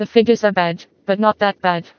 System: TTS, vocoder